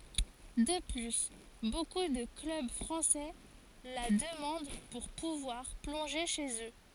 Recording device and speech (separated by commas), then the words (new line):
forehead accelerometer, read sentence
De plus, beaucoup de clubs français la demandent pour pouvoir plonger chez eux.